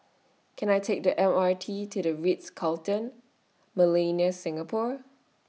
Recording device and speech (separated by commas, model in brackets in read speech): mobile phone (iPhone 6), read sentence